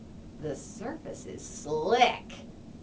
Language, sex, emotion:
English, female, disgusted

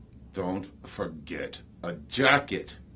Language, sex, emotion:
English, male, angry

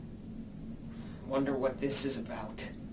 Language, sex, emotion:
English, male, angry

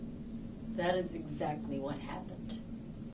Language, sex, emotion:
English, female, disgusted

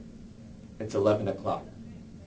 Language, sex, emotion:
English, male, neutral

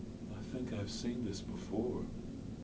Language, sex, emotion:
English, male, neutral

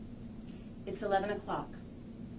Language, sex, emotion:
English, female, neutral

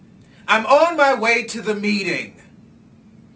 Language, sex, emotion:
English, male, angry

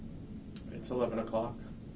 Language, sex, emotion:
English, male, neutral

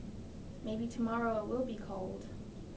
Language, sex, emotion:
English, female, neutral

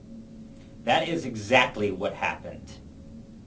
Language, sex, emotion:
English, male, disgusted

